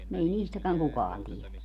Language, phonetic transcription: Finnish, ei "niistäkäŋ 'kukaan tielä .
- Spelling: ei niistäkään kukaan tiedä

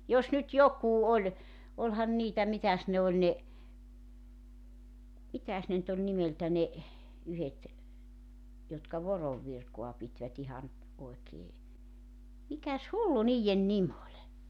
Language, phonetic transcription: Finnish, 'jos nyt 'jokuu "oĺ , 'olhan 'niitä 'mitäs ne oĺ ne , 'mitäs ne nʸt ‿oĺ 'nimeltä ne , 'yhet , jotka 'vorov virkoa 'pitvät ‿ihan , 'oekee , 'mikäs "hullu 'niijjen "nim ‿oĺ .
- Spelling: jos nyt joku oli olihan niitä mitäs ne oli ne mitäs ne nyt oli nimeltä ne yhdet jotka voron virkaa pitivät ihan oikein mikäs hullu niiden nimi oli

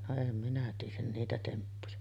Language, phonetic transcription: Finnish, no em minä tiij̆jän 'niitä 'temppuja .
- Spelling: no en minä tiedä niitä temppuja

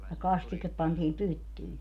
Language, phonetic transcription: Finnish, ja "kastikep pantiim "pyttyi .
- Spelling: ja kastike pantiin pyttyihin

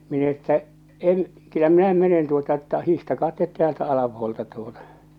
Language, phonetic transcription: Finnish, min ‿että , » 'em̳ , 'kyllä minä 'menen tuota että 'hihtakaa 'tet "teäältä 'alapuolᵉlta « tuota .
- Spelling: minä että en kyllä minä mene tuota että hiihtäkää te täältä alapuolelta tuota

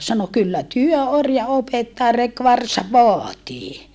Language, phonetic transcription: Finnish, sano » kyllä työ orja opettaa rek varsav̆ voatii » .
- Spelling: sanoi kyllä työ orjan opettaa reki varsan vaatii

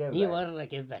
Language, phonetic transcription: Finnish, ńii "varrai kevväil .
- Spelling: niin varhain keväällä

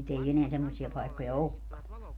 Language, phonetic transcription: Finnish, nyt ‿ei 'eneä 'semmosi₍a 'paikkoja "okka .
- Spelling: nyt ei enää semmoisia paikkoja olekaan

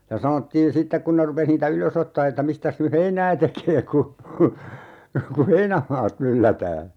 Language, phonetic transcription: Finnish, ja 'sanottiin̬ "sittek 'kun ne rupes niitä "ylös ‿ottaa että » 'mistäs ny "heinää tekee ku , ku "heinämaat 'myllätää » .
- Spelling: ja sanottiin sitten kun ne rupesi niitä ylös ottamaan että mistäs nyt heinää tekee kun kun heinämaat myllätään

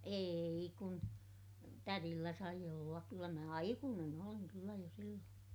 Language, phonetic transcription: Finnish, eei kun , tärillä sai ollak kyllä mä aikuunen ‿oliŋ kyllä jo silloon .
- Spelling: ei kun tädillä sai olla kyllä minä aikuinen olin kyllä jo silloin

